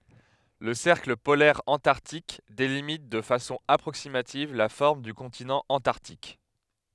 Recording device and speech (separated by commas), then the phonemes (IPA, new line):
headset microphone, read sentence
lə sɛʁkl polɛʁ ɑ̃taʁtik delimit də fasɔ̃ apʁoksimativ la fɔʁm dy kɔ̃tinɑ̃ ɑ̃taʁtik